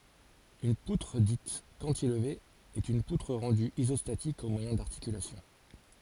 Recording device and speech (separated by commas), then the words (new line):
forehead accelerometer, read sentence
Une poutre dite cantilever est une poutre rendue isostatique au moyen d'articulations.